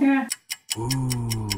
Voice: Deep Voice